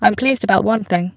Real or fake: fake